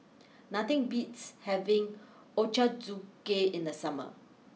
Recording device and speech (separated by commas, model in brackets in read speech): mobile phone (iPhone 6), read sentence